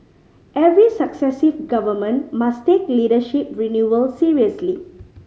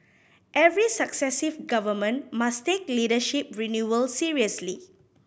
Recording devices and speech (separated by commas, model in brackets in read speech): mobile phone (Samsung C5010), boundary microphone (BM630), read sentence